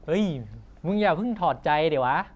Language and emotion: Thai, neutral